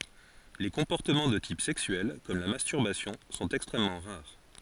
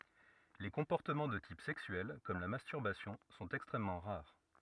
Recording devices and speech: forehead accelerometer, rigid in-ear microphone, read sentence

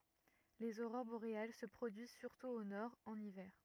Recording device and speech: rigid in-ear microphone, read sentence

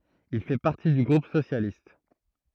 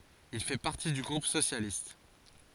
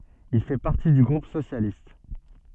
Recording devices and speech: throat microphone, forehead accelerometer, soft in-ear microphone, read sentence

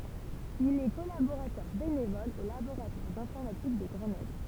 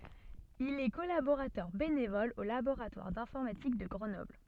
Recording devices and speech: temple vibration pickup, soft in-ear microphone, read sentence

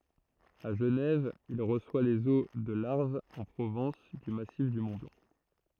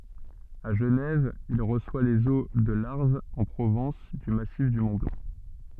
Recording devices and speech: throat microphone, soft in-ear microphone, read sentence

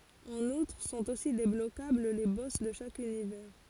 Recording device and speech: forehead accelerometer, read sentence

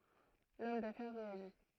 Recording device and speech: throat microphone, read sentence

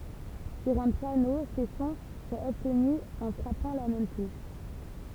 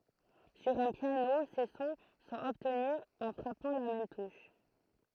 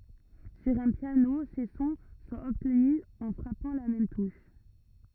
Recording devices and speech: temple vibration pickup, throat microphone, rigid in-ear microphone, read sentence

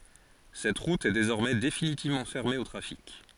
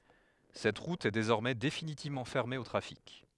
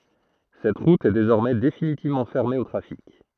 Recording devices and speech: forehead accelerometer, headset microphone, throat microphone, read sentence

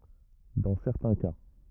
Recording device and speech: rigid in-ear microphone, read sentence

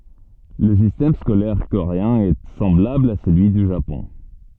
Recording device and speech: soft in-ear microphone, read sentence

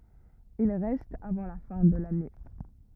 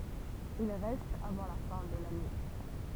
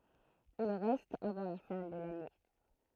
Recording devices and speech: rigid in-ear microphone, temple vibration pickup, throat microphone, read sentence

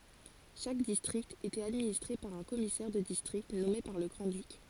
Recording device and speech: forehead accelerometer, read sentence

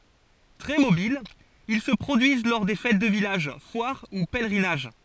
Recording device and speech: forehead accelerometer, read sentence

